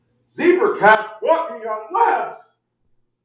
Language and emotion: English, sad